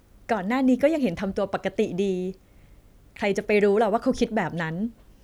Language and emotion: Thai, neutral